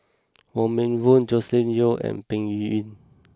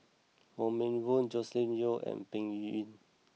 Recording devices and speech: close-talking microphone (WH20), mobile phone (iPhone 6), read sentence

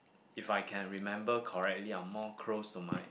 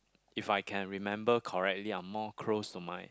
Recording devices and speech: boundary microphone, close-talking microphone, conversation in the same room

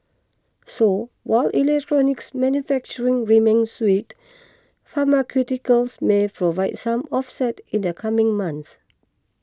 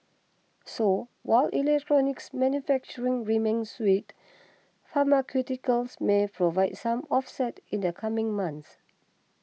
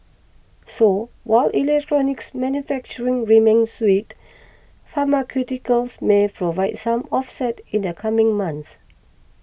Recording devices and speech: close-talking microphone (WH20), mobile phone (iPhone 6), boundary microphone (BM630), read sentence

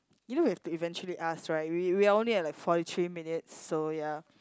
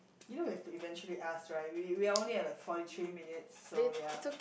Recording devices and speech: close-talking microphone, boundary microphone, conversation in the same room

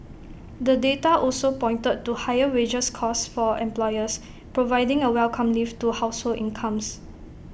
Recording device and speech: boundary microphone (BM630), read sentence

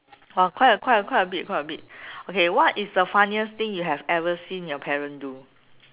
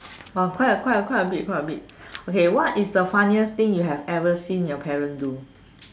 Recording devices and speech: telephone, standing microphone, conversation in separate rooms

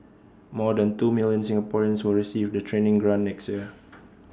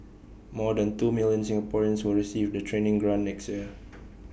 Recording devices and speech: standing microphone (AKG C214), boundary microphone (BM630), read sentence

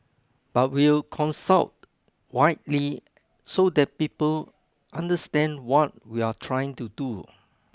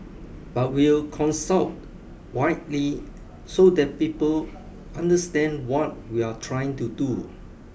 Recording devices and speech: close-talking microphone (WH20), boundary microphone (BM630), read sentence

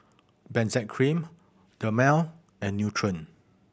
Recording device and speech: boundary microphone (BM630), read sentence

